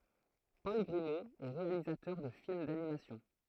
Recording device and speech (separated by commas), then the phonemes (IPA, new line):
throat microphone, read sentence
pɔl ɡʁimo ɛ ʁealizatœʁ də film danimasjɔ̃